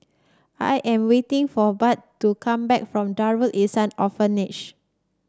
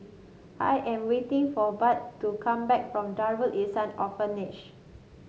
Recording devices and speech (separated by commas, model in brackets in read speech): standing microphone (AKG C214), mobile phone (Samsung S8), read sentence